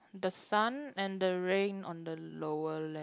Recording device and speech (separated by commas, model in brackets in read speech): close-talking microphone, conversation in the same room